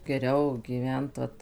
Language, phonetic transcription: Lithuanian, geˈriau gyˈvent vat

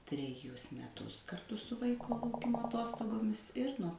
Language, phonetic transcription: Lithuanian, treˈjus meˈtus karˈtu su ˈvaiko lauˈkimo aˈtostogomis ˈir nuo

